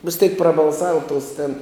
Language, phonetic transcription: Lithuanian, vis teik prabalˈsava tos tėn

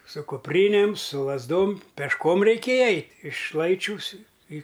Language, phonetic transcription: Lithuanian, su kupˈrynėm su lazˈdom pešˈkom reiˈkėja ˈeit' iš ˈlaičiūs i į

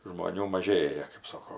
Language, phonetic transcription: Lithuanian, žmoˈnių maˈžėja kɜp ˈsoko

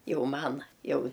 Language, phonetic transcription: Lithuanian, ˈjau ˈman ˈjau

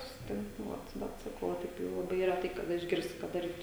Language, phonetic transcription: Lithuanian, susiˈtink nu ˈvat ˈbet saˈkau o ˈtaip tai laˈbai reˈtai kaˈda išˈgirsti kad daˈrytu

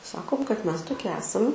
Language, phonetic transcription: Lithuanian, ˈsakom kad ˈmes toˈki ˈesam

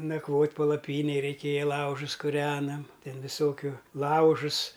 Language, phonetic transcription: Lithuanian, nakˈvot' palaˈpynėj reiˈkėja ˈlaužus kuˈrenam ˈten viˈsokiu ˈlaužus

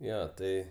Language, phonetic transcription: Lithuanian, ˈjo ˈtai

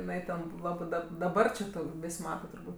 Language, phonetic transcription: Lithuanian, iˈnai ten ˈlabɜ dab daˈbar či ˈtų ˈvis' ˈmata turˈbūt'

